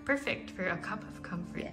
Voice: marketing voice